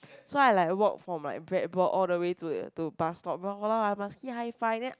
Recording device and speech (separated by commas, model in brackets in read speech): close-talking microphone, conversation in the same room